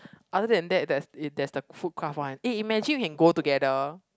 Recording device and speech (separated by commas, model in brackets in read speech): close-talking microphone, conversation in the same room